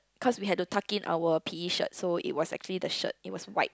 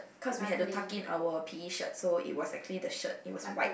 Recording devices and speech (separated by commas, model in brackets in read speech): close-talking microphone, boundary microphone, conversation in the same room